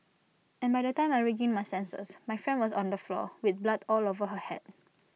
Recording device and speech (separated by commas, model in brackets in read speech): mobile phone (iPhone 6), read sentence